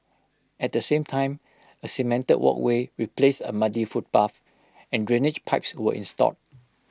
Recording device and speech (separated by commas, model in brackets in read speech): close-talking microphone (WH20), read sentence